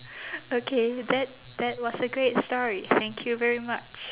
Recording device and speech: telephone, conversation in separate rooms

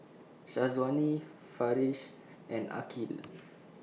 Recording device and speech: mobile phone (iPhone 6), read sentence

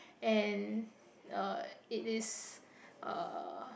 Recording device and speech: boundary microphone, conversation in the same room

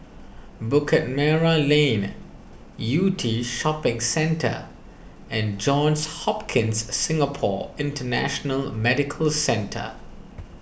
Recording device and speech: boundary microphone (BM630), read sentence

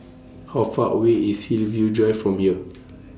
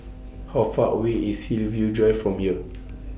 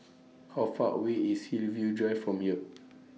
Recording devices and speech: standing microphone (AKG C214), boundary microphone (BM630), mobile phone (iPhone 6), read sentence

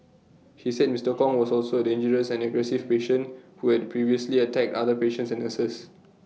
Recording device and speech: mobile phone (iPhone 6), read sentence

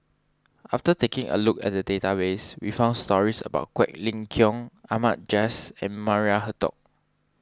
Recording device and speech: standing microphone (AKG C214), read sentence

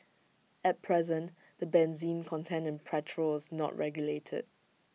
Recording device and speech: mobile phone (iPhone 6), read sentence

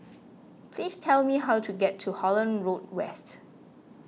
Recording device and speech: mobile phone (iPhone 6), read sentence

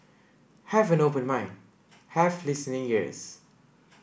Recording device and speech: boundary microphone (BM630), read sentence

